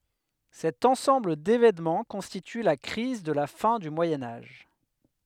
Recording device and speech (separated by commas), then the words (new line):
headset microphone, read sentence
Cet ensemble d'événements constitue la crise de la fin du Moyen Âge.